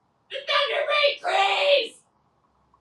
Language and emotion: English, sad